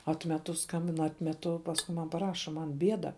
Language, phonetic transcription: Lithuanian, ˈatmetu ˈskambin ˈatmetu pasˈku man paˈraša ˌman ˈbieda

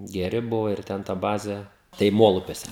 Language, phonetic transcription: Lithuanian, geˈri ˈbuvo ir ˈten ta ˈbazė tai ˈmolupiuose

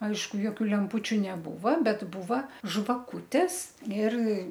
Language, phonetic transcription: Lithuanian, ˈaišku joˈkių lemˈpūčiu neˈbūva ˈbet ˈbūva žvaˈkūtes ir

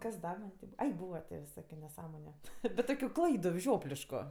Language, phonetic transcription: Lithuanian, kas ˈda man' ti ˈbūva ˈai ˈbūva tė viˈsokiu neˈsąmoniu bet ˈtokiu ˈklaidu ˈžioplišku

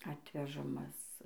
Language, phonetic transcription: Lithuanian, ˈatvežamas

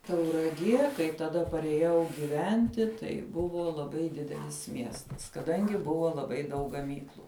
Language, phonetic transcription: Lithuanian, tauraˈgie kai taˈda parėˈjau giˈventi tai ˈbuvo laˈbai ˈdidelis ˈmiestas kaˈdangi ˈbuvo laˈbai daug gaˈmyklu

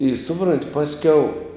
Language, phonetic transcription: Lithuanian, i ˈsupront' ˈpaskiau

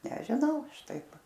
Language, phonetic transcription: Lithuanian, nežiˈnau ˈaš ˈtaip

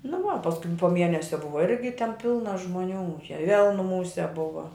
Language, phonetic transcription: Lithuanian, nu ˈva pasˈkui po ˈmienesia ˈbuva ˈirgi ten ˈpilna žmuˈnių šia vėl nuˈmūse ˈbuva

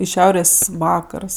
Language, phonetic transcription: Lithuanian, i ˈšiaurės' ˈvakars

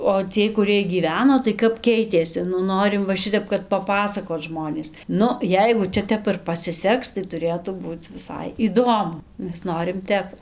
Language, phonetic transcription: Lithuanian, o ˈciej kuˈrɨej gyˈveno tai ˈkap ˈkeitėsi nu ˈnorim ˈva ˈšitep kad paˈpasakot ˈžmonės ˈnu ˈjeigu ˈčia ˈtep ir pasiˈseks tai tuˈrėtų ˈbūc viˈsai įˈdomu ˈmes ˈnorim ˈtep

